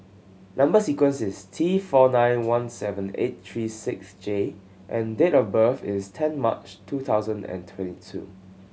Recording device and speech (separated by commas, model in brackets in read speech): mobile phone (Samsung C7100), read sentence